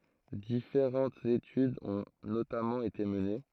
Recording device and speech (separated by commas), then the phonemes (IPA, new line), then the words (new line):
throat microphone, read sentence
difeʁɑ̃tz etydz ɔ̃ notamɑ̃ ete məne
Différentes études ont notamment été menées.